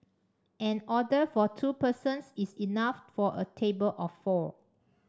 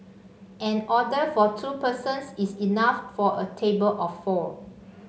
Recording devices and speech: standing microphone (AKG C214), mobile phone (Samsung C5), read sentence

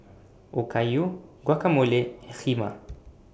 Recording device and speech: boundary microphone (BM630), read sentence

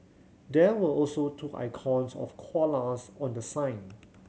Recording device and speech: mobile phone (Samsung C7100), read sentence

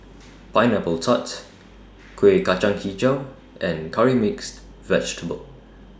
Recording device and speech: standing microphone (AKG C214), read sentence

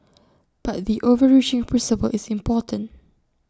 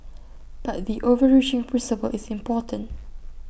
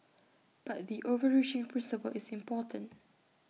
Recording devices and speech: standing microphone (AKG C214), boundary microphone (BM630), mobile phone (iPhone 6), read sentence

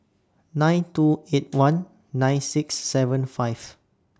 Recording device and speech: standing microphone (AKG C214), read sentence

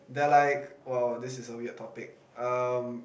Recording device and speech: boundary microphone, conversation in the same room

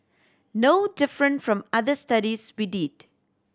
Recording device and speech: standing microphone (AKG C214), read sentence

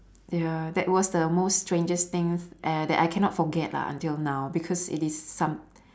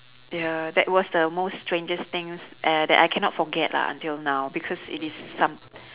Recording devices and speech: standing microphone, telephone, conversation in separate rooms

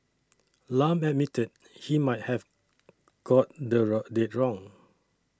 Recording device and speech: standing microphone (AKG C214), read sentence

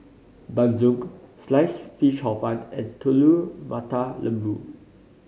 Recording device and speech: mobile phone (Samsung C5010), read sentence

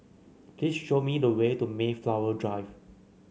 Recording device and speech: mobile phone (Samsung C9), read sentence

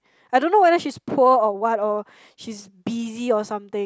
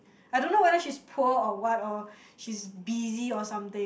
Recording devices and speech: close-talking microphone, boundary microphone, conversation in the same room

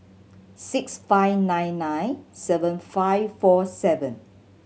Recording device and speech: mobile phone (Samsung C7100), read sentence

